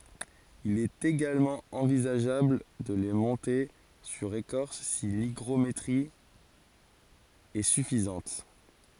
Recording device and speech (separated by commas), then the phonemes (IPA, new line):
forehead accelerometer, read sentence
il ɛt eɡalmɑ̃ ɑ̃vizaʒabl də le mɔ̃te syʁ ekɔʁs si liɡʁometʁi ɛ syfizɑ̃t